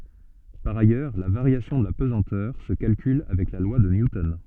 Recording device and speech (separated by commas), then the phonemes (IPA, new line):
soft in-ear microphone, read sentence
paʁ ajœʁ la vaʁjasjɔ̃ də la pəzɑ̃tœʁ sə kalkyl avɛk la lwa də njutɔn